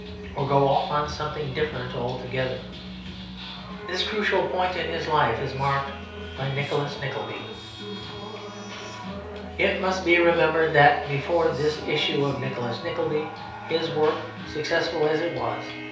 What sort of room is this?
A compact room (about 3.7 m by 2.7 m).